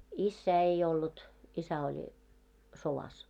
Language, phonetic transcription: Finnish, 'issää ei ollut , 'isä oĺ , 'sovas .
- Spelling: isää ei ollut isä oli sodassa

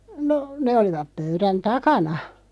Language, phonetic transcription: Finnish, no , ne 'olivap 'pöyrän "takana .
- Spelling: no ne olivat pöydän takana

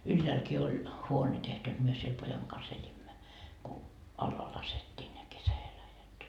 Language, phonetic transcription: Finnish, 'ylläälki oĺ , 'huone tehty jot myö siel 'pojaŋ kas 'eĺimmä , ku , 'allaa lasettii ne 'kesä₍eläjät .
- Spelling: ylhäälläkin oli huone tehty jotta me siellä pojan kanssa elimme kun alas laskettiin ne kesäeläjät

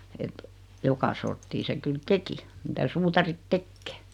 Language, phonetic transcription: Finnish, et , 'joka sorttii 'se kyl "teki , mitä 'suutarit "tekkee .
- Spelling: että joka sorttia se kyllä teki mitä suutarit tekee

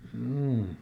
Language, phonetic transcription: Finnish, hjuu .
- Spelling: juu

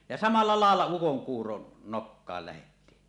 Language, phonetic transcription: Finnish, ja 'samalla 'làella ukoŋkuuron , nokkaal lähettii .
- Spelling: ja samalla lailla ukonkuuron nokkaan lähdettiin

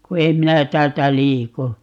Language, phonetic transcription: Finnish, ku "em 'minä 'täältä "liiku .
- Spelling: kun en minä täältä liiku

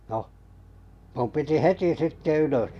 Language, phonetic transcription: Finnish, noh , 'mum 'piti "heti sitte 'ylös .
- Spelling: no minun piti heti sitten ylös

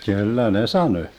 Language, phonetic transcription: Finnish, 'kyllä ne "sanö .
- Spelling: kyllä ne sanoi

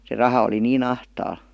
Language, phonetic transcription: Finnish, se 'raha oli "nii'n ‿ahtaa(l) .
- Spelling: se raha oli niin ahtaalla

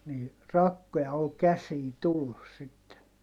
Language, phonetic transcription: Finnish, nii , rakkoja ol käsiin tullus sitten .
- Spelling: niin rakkoja oli käsiin tullut sitten

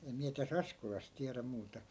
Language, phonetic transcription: Finnish, 'em miä tä"s ‿askolas 'tiärä muuta .
- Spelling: en minä tässä Askolassa tiedä muuta

